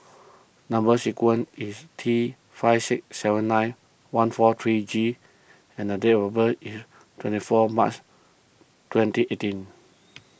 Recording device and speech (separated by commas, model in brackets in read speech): boundary microphone (BM630), read sentence